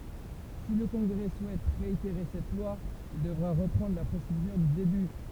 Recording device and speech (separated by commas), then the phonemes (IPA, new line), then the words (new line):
temple vibration pickup, read sentence
si lə kɔ̃ɡʁɛ suɛt ʁeiteʁe sɛt lwa il dəvʁa ʁəpʁɑ̃dʁ la pʁosedyʁ dy deby
Si le Congrès souhaite réitérer cette loi, il devra reprendre la procédure du début.